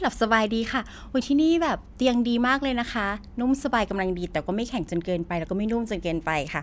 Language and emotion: Thai, happy